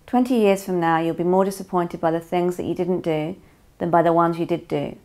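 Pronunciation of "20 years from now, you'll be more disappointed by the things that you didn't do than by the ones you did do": The whole sentence is said with no emphasis on any word, no pauses, and no inflection to mark where it begins or ends.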